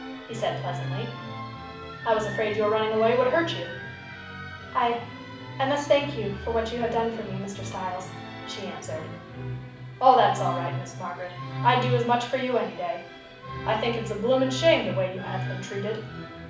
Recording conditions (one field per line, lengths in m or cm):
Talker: one person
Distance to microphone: 5.8 m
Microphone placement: far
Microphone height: 1.8 m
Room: medium-sized (5.7 m by 4.0 m)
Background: music